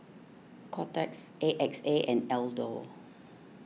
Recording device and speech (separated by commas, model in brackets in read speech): mobile phone (iPhone 6), read sentence